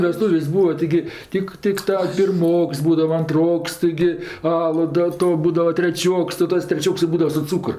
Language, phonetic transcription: Lithuanian, veˈstūvės' ˈbūva tiˈgi ˈtik ˈtik ta pirˈmoks ˈbūdava anˈtroks tiˈgi ˈalu da ˈto ˈbūdava treˈčioks tai ˈtas treˈčioks i ˈbūdava su ˈcūkr

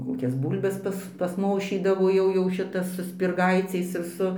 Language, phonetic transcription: Lithuanian, ˈkokias ˈbūlbes ˈpas pasˈmošydavo jau jau ˈšitas su spirˈgaiciais ir ˈsu

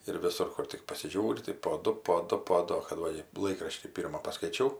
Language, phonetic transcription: Lithuanian, ir viˈsur ˈkur tik pasiˈžiūri tai po ˈdu po ˈdu po ˈdu o kad ˈva i ˈlaikraštį ˈpyrma paskaiˈčiau

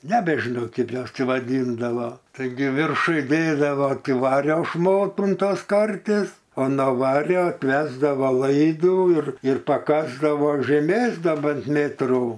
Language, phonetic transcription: Lithuanian, ˈnebežinau ˈkaip ˈjuos ˈčia vaˈdyndavo taiˈgi virˈšuj ˈvėliava ˈti ˈvario ˈšmotų un ˈtos ˈkarties o no ˈvario apˈvesdavo ˈlaidų ir ir paˈkasdavo žeˈmės ˈda ˈbent ˈmėtrų

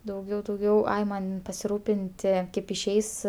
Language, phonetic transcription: Lithuanian, dauˈgiau dauˈgiau ˈai ˈman' pasiˈrūpinti ˈkaip išˈeis

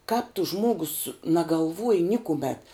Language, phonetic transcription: Lithuanian, kāp tu ˈžmogus nagalˈvuoji ˈnikumet

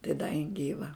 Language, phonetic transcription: Lithuanian, tai da jin ˈgyva

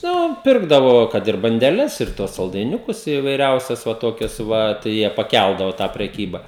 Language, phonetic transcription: Lithuanian, ˈnu ˈpirkdavo ˈkad ir bandeˈles ir tuos saldaiˈniukus ivaiˈriausias va ˈtokias ˈva tai ˈjie paˈkældavo tą preˈkyba

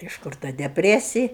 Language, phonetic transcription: Lithuanian, iš ˈkur ta depˈresij

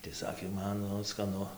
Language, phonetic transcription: Lithuanian, tai ˈsakė ˈman nu skaˈnu

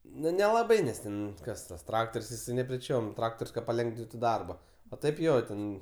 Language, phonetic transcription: Lithuanian, ˈnu nelaˈbai ˈnes ten ˈkas ˈtas ˈtraktor's' jiˈsai nepreˈčiom ˈtraktor's' kad paˈlengvintu ˈdarba o ˈtaip ˈjo ˈten

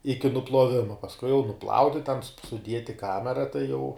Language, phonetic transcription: Lithuanian, ˈiki nupluoˈvima pasˈkui jau nuˈplauni ten su suˈdiet i ˈkamera tai jau

